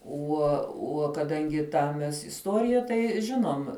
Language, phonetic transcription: Lithuanian, ˈuo ˈuo kaˈdangi ˈtą mes isˈtuorija ˈtai ˈžinom

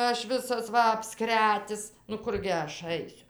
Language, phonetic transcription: Lithuanian, ˈaš ˈvisas ˈva apˈskretis nu ˈkurgi ˈaš ˈaisiu

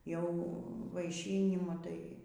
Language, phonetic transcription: Lithuanian, jau vaiˈšynimu tai

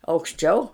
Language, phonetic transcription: Lithuanian, aukšˈčiau

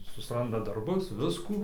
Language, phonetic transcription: Lithuanian, susˈranda darˈbus ˈviskų

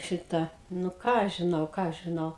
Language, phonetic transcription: Lithuanian, ˈšitą nu ˈką aš žiˈnau ˈką aš žiˈnau

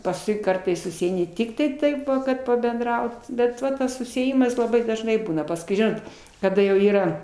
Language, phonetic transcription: Lithuanian, pasˈkui ˈkartais susieiˈni ˈtiktai taip kad pabenˈdraut ˈbet ˈva ˈtas susiėˈjimas laˈbai dažˈnai ˈbūna pasˈkui ˈžinot kaˈda jau ˈyra

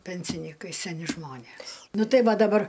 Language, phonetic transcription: Lithuanian, ˈpensinykai seˈni ˈžmonės ˈnu ˈtai ˈva daˈbar

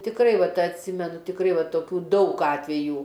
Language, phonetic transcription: Lithuanian, tikˈrai ˈvat atˈsimenu tikˈrai ˈva toˈkių ˈdaug ˈatvejų

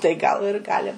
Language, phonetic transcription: Lithuanian, tai ˈgal ir ˈgali

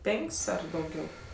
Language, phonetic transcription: Lithuanian, ˈpenk's' ˈar dauˈgiau

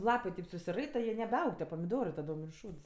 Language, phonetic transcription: Lithuanian, ˈlapɜ kaip susiˈraita jie nebeˈaug tie pamiˈdorɜ taˈdom ir ˈšūds

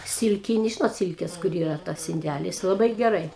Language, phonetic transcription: Lithuanian, ˈsilkini žinot ˈsilkes kur ˈyra ˈtas inˈdælis laˈbai geˈrai

